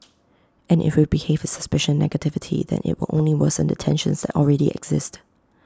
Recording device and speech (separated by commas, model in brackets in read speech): close-talking microphone (WH20), read sentence